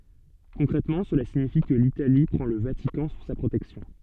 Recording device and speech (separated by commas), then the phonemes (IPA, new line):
soft in-ear microphone, read sentence
kɔ̃kʁɛtmɑ̃ səla siɲifi kə litali pʁɑ̃ lə vatikɑ̃ su sa pʁotɛksjɔ̃